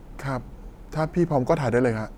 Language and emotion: Thai, neutral